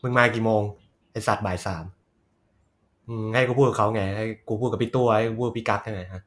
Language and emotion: Thai, frustrated